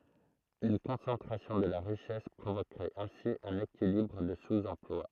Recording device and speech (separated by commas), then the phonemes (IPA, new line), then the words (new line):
throat microphone, read sentence
yn kɔ̃sɑ̃tʁasjɔ̃ də la ʁiʃɛs pʁovokʁɛt ɛ̃si œ̃n ekilibʁ də suz ɑ̃plwa
Une concentration de la richesse provoquerait ainsi un équilibre de sous-emploi.